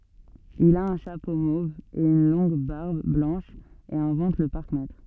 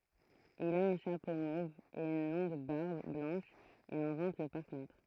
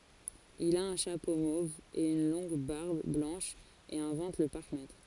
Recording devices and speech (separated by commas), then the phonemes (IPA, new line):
soft in-ear microphone, throat microphone, forehead accelerometer, read sentence
il a œ̃ ʃapo mov e yn lɔ̃ɡ baʁb blɑ̃ʃ e ɛ̃vɑ̃t lə paʁkmɛtʁ